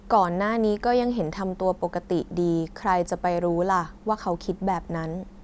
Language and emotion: Thai, neutral